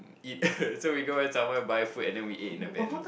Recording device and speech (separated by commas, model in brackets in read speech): boundary microphone, conversation in the same room